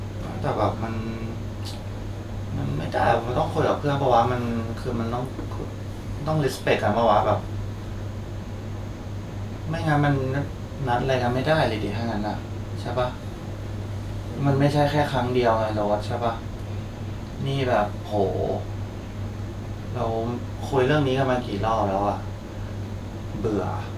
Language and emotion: Thai, frustrated